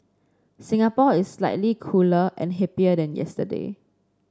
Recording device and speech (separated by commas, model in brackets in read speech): standing microphone (AKG C214), read sentence